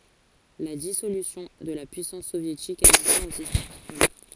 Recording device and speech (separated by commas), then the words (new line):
forehead accelerometer, read sentence
La dissolution de la puissance soviétique a mis fin au système bipolaire.